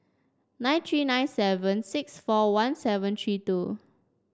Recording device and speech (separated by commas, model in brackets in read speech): standing microphone (AKG C214), read sentence